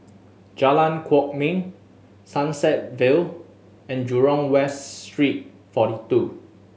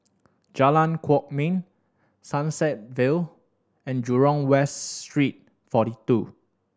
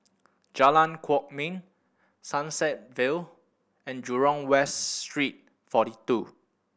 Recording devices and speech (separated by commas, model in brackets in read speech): mobile phone (Samsung S8), standing microphone (AKG C214), boundary microphone (BM630), read sentence